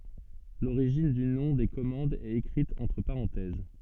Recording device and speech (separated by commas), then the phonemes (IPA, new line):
soft in-ear microphone, read sentence
loʁiʒin dy nɔ̃ de kɔmɑ̃dz ɛt ekʁit ɑ̃tʁ paʁɑ̃tɛz